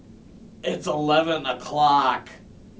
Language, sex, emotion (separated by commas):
English, male, disgusted